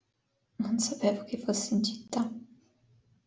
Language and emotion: Italian, sad